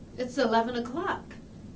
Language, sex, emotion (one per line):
English
female
neutral